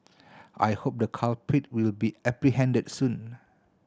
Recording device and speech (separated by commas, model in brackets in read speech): standing microphone (AKG C214), read sentence